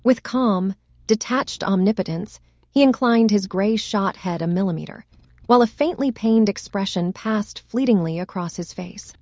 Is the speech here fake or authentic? fake